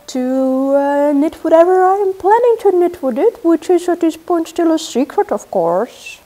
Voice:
in silly voice